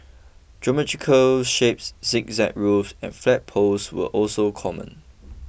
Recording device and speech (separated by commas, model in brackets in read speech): boundary microphone (BM630), read sentence